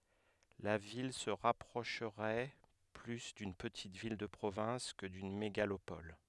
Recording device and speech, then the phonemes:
headset microphone, read sentence
la vil sə ʁapʁoʃʁɛ ply dyn pətit vil də pʁovɛ̃s kə dyn meɡalopɔl

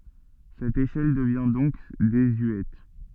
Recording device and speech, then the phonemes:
soft in-ear microphone, read sentence
sɛt eʃɛl dəvjɛ̃ dɔ̃k dezyɛt

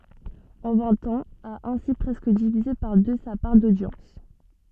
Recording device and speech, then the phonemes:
soft in-ear microphone, read sentence
ɑ̃ vɛ̃t ɑ̃z a ɛ̃si pʁɛskə divize paʁ dø sa paʁ dodjɑ̃s

